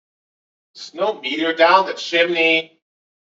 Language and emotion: English, disgusted